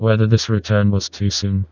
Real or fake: fake